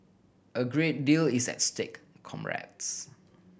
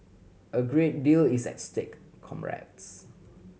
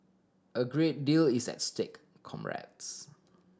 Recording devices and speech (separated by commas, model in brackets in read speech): boundary microphone (BM630), mobile phone (Samsung C7100), standing microphone (AKG C214), read sentence